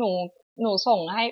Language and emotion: Thai, neutral